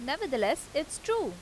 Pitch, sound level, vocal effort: 295 Hz, 88 dB SPL, loud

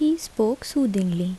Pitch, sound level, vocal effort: 225 Hz, 75 dB SPL, soft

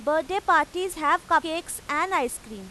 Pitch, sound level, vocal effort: 320 Hz, 96 dB SPL, very loud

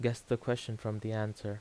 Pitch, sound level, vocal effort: 110 Hz, 80 dB SPL, normal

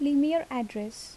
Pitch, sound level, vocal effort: 260 Hz, 77 dB SPL, soft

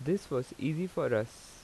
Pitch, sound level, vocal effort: 145 Hz, 84 dB SPL, normal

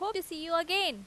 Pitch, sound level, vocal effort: 340 Hz, 92 dB SPL, loud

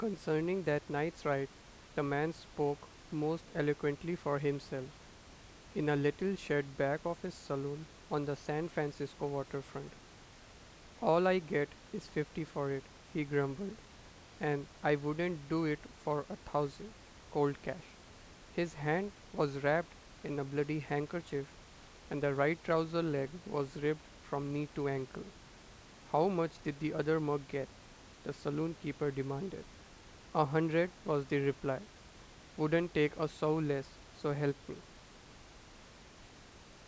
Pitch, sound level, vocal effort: 150 Hz, 87 dB SPL, normal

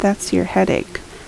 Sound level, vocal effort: 71 dB SPL, soft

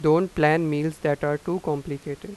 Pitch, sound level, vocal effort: 155 Hz, 90 dB SPL, normal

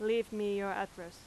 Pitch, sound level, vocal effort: 200 Hz, 90 dB SPL, very loud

